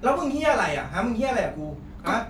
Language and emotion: Thai, angry